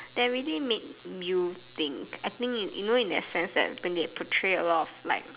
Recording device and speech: telephone, conversation in separate rooms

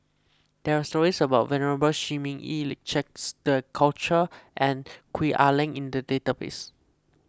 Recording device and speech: close-talking microphone (WH20), read sentence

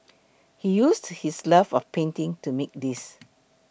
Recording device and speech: boundary microphone (BM630), read sentence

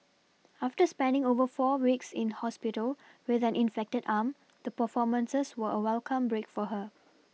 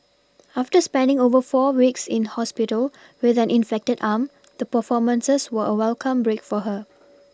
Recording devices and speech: mobile phone (iPhone 6), standing microphone (AKG C214), read sentence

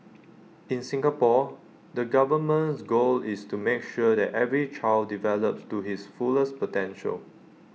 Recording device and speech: mobile phone (iPhone 6), read sentence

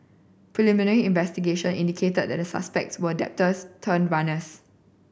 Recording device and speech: boundary microphone (BM630), read sentence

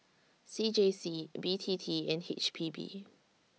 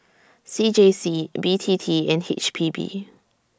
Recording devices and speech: mobile phone (iPhone 6), standing microphone (AKG C214), read sentence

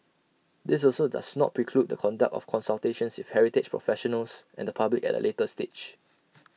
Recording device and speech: mobile phone (iPhone 6), read sentence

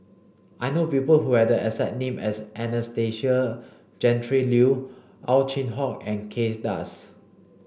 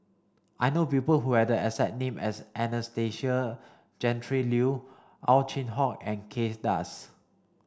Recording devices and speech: boundary microphone (BM630), standing microphone (AKG C214), read sentence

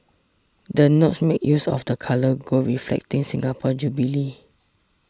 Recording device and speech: standing microphone (AKG C214), read sentence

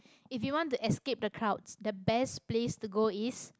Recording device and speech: close-talking microphone, conversation in the same room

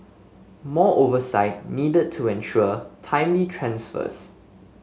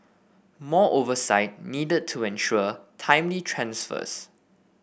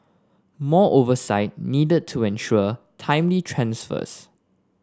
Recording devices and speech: mobile phone (Samsung S8), boundary microphone (BM630), standing microphone (AKG C214), read sentence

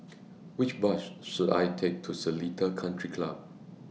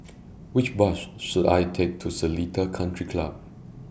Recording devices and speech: mobile phone (iPhone 6), boundary microphone (BM630), read sentence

